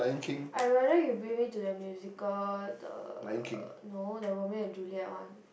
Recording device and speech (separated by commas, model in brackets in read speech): boundary microphone, conversation in the same room